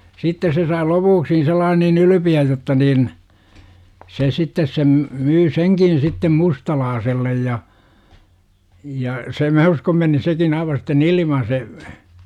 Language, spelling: Finnish, sitten se sai lopuksi sellainen niin ylpeän jotta niin se sitten sen myi senkin sitten mustalaiselle ja ja se minä uskon meni sekin aivan sitten ilman se
- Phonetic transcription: 'sittes se sai "lopuuksi sellaan niin 'ylypi₍äj jotta niin , se 'sittes sem , 'myy "seŋkin sittem "mustalaasellej ja , ja , se 'mä uskom meni 'sekin aiva sitten "ilima se .

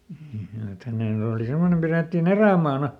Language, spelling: Finnish, että hänen oli semmoinen pidettiin erämaana
- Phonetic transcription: et ˈhänèn ‿ooli ˈsemmonem pirètti"n ‿erä̀maana .

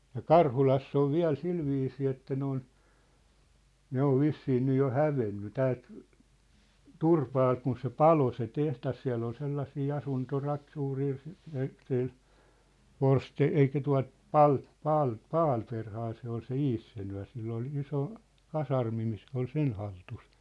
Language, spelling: Finnish, ja Karhulassa on vielä sillä viisiin että ne on ne on vissiin nyt jo hävinneet täältä Turpaalta kun se paloi se tehdas siellä oli sellaisia - suuria - sillä - eikä tuota - - Palmberghan se oli se insinööri sillä oli iso kasarmi niin se oli sen hallussa
- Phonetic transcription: ja "Karhulass ‿ov "viä̭l "silviisii että 'ne ‿on , 'ne ‿ov 'vissii 'nyj jo "hävenny "täält , "Turpaalt kun se "palo se "teht̳as siä̭ll ‿ol 'sellasii 'asunto'rak- , 'suurii , si- , sil , 'Vorste- 'eik̀ä tua̭t , "Pal- , "Paal- , "Paalperhaa se ‿ol se "Issenyä̭r sill ‿ol 'iso , 'kasarmi ni se ‿ol 'sen haltus .

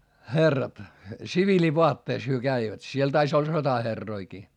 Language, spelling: Finnish, herrat siviilivaatteissa he kävivät siellä taisi olla sotaherrojakin
- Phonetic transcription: χerrat , sivilivoatteis hyö käivät - siel tais ‿olˡᵃ sotaherroikii .

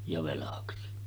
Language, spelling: Finnish, ja velaksi
- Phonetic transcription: ja 'velaksi .

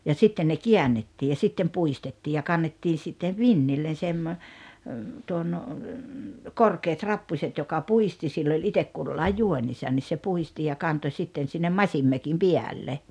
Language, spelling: Finnish, ja sitten ne käännettiin ja sitten puistettiin ja kannettiin sitten vintille - tuon korkeat rappuset joka puisti sillä oli itse kullakin juonissa niin se puhdisti ja kantoi sitten sinne masinmökin päälle
- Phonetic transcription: ja 'sitten ne "kiännettii ja 'sittem 'pu₍istettii ja 'kannettii sittev "vinnillen̬ 'semmo- , tuon , "korkeet "rappuśet joka "pu₍isti sill ‿oĺ 'itek kullaij "juońisan ni se 'puhisti ja 'kanto sitten sinnem "maśimmökim "piälle .

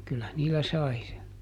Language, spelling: Finnish, kyllä niillä sai se
- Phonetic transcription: ˈkyllä ˈniillä "sai se .

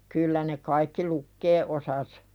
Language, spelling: Finnish, kyllä ne kaikki lukea osasivat
- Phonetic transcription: 'kyllä ne kaikki "lukkee ’osas .

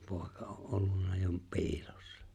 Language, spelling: Finnish, poika oli ollut jo piilossa
- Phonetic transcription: 'pòi̬ka o’ '’ollunna jo "pi̬ilᴏssᴀ .

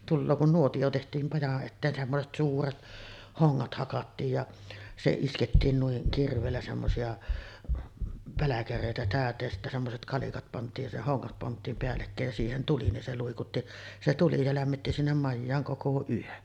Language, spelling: Finnish, tulee kun nuotio tehtiin majan eteen semmoiset suuret hongat hakattiin ja se iskettiin noin kirveellä semmoisia pälkäreitä täyteen ja sitten semmoiset kalikat pantiin ja se hongat pantiin päällekkäin ja siihen tuli niin se luikutti se tuli se lämmitti sinne majaan koko yön
- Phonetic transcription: 'tulloo kun 'nuotiʲo teht̀iim maja’ ’etteen , semmoset "suuret 'hoŋŋat hakattiij ja , se iskettiin nuiŋ 'kirv̀eellä semmosi₍a , 'päläkärèitä 'tä̀öt̆teej ja sittä semmoset 'kalikat pant̆tiij ja se "hoŋŋat 'pant̆tiim peällekkä̀ej ja siihen 'tuli , nin se luikutti , se tuli se lämmitti sinnem majjaaŋ 'koko 'yön .

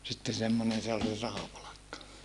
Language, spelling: Finnish, sitten semmoinen se oli se rahapalkka
- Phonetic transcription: sitte semmonen se ol se rahapalakka .

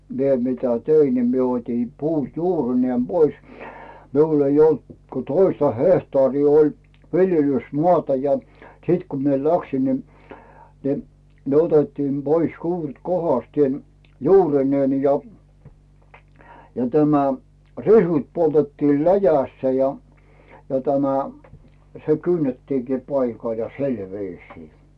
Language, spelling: Finnish, minä mitä tein niin minä otin puu juurineen pois minulla ei ollut kuin toista hehtaaria oli viljelysmaata ja sitten kun minä lähdin niin niin ne otettiin pois juuret kohdasteen juurineen ja ja tämä risut poltettiin läjässä ja ja tämä se kynnettiinkin paikalla ja sillä viisiin
- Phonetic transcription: mie 'mitä "tein ni mie 'ot́in "puu 'juurineem Bois , miul ‿ei 'olt ko 'toista "hehtaarii oĺ 'viljelys"moàta ja , 'siit ku mie "läksin ni , ni , ne 'otettiim "Bois 'juuret 'kohastièn , 'juurineen ja , ja tämä , 'risut poltettil "läjässä ja , ja tämä , se "kynnettiŋkì 'paikal ja "si̬l 'viisii .

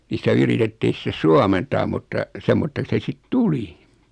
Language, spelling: Finnish, niin sitä yritettiin sitten suomentaa mutta semmoiseksi se sitten tuli
- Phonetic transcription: ni sⁱtä 'yritettiin̬ sⁱtes 'suamentaam mutta , 'semmotteks se 'sit "tuli .

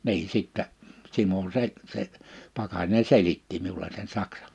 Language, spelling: Finnish, niin sitten Simo se se Pakarinen selitti minulle sen saksan
- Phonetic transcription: 'nii 'sittä , 'Simo se , se , 'Pakarine 'selitti miule sen 'saksa .

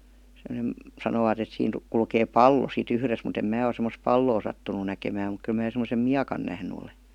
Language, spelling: Finnish, semmoinen sanovat että siinä kulkee pallo sitten yhdessä mutta en minä ole semmoista palloa sattunut näkemään mutta kyllä minä semmoisen miekan nähnyt olen
- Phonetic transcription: (sem°ne) , 'sanoovat ‿et siin , 'kulkee "pallo si't ‿yhres mut ‿em 'mää o semmos "palloo sattuǹu "näkemääm muk 'kyl mää semosem "miakan nähny ole .

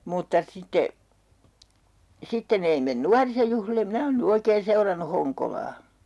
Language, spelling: Finnish, mutta sitten sitten ei mene nuorisojuhlille minä olen nyt oikein seurannut Honkolaa
- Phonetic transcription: mutta 'sitte , 'sitten ‿ei men "nuarisojuhlilem̆ 'minä oon ny 'oikeen̬ 'seurannu "Hoŋkolaa .

